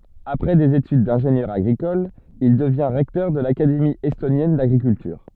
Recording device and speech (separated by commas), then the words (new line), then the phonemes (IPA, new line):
soft in-ear microphone, read sentence
Après des études d'ingénieur agricole, il devient recteur de l'Académie estonienne d'agriculture.
apʁɛ dez etyd dɛ̃ʒenjœʁ aɡʁikɔl il dəvjɛ̃ ʁɛktœʁ də lakademi ɛstonjɛn daɡʁikyltyʁ